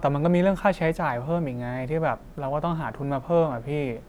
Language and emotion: Thai, frustrated